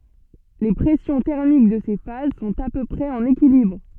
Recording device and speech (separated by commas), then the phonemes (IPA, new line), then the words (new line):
soft in-ear microphone, read sentence
le pʁɛsjɔ̃ tɛʁmik də se faz sɔ̃t a pø pʁɛz ɑ̃n ekilibʁ
Les pressions thermiques de ces phases sont à peu près en équilibre.